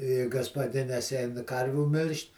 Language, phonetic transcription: Lithuanian, i gaspaˈdinės ˈein ˈkarvių ˈmil'ž't'

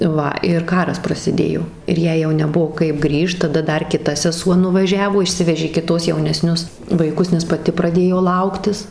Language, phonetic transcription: Lithuanian, ˈva ir ˈkaras prasiˈdėjo ir ˈjai jau neˈbuo kaip ˈgrįžt taˈda ˈdar kiˈta seˈsuo nuvaˈžiavo išˈsivežė kiˈtos jauneˈsnius vaiˈkus nes paˈti praˈdėjo ˈlauktis

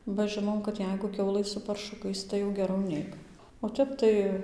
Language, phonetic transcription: Lithuanian, ba ˈžɨnom kad ˈjeigu ˈkiaulɘ su parˈšukais ˌtai jau geˈrau ˈneik o ˈtep tai

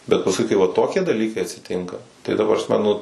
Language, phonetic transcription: Lithuanian, bet pasˈkui kai ˈva ˈtokie daˈlykai atsiˈtinka tai prasˈme nu

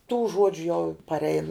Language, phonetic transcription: Lithuanian, tų ˈžuodžiu jau parˈein

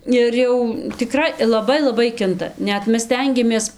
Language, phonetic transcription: Lithuanian, ir ˈjau tiˈkrai laˈbai laˈbai ˈkinta ˈnet ˈmes ˈstengiamės

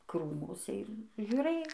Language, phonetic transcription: Lithuanian, ˈkrūmuse ir žiūˈrɘj

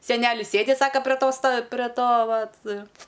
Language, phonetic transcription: Lithuanian, seˈnelis ˈsėdi ˈsaka pre ˈto sta pre ˈto ˈvat

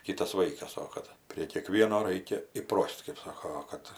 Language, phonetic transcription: Lithuanian, ˈkytas ˈvaikas ˈo kad prie kieˈkvieno ˈraikia iˈpros't' kɜp ˈsoko ˈo kad

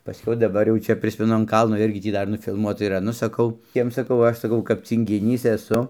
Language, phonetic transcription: Lithuanian, paˈskiau daˈbar jau ˈčia ˈprismenu an ˈkalno ˈirgi ˈtį ˈdar nufilˈmuota yˈra ˈnu saˈkau ˈjiem saˈkau ˈaš saˈkau kap cyngiˈnys eˈsu

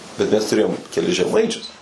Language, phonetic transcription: Lithuanian, bet ˈmes tuˈrėjom keˈlis žeˈmaičius

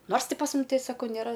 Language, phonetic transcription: Lithuanian, ˈnors ˈti pas ˈmum ˈtei ˈsakau nėˈra

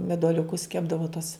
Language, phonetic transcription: Lithuanian, meduoliuˈkus ˈkepdavo tus

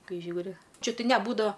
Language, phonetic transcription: Lithuanian, ˈkai ˈžiūri ˈčia ˈtai neˈbūdava

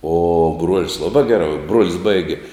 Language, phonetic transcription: Lithuanian, o bruol's' ˈlabā ˈgerā bruol's' ˈbaigi

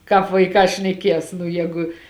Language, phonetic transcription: Lithuanian, ˈkāp vaiˈkā šneˈkies nu ˈjēgu

